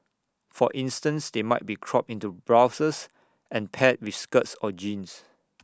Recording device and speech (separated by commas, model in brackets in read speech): standing microphone (AKG C214), read sentence